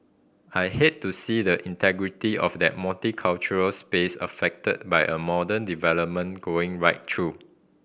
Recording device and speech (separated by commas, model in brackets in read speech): boundary microphone (BM630), read sentence